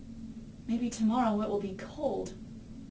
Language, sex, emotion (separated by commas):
English, female, sad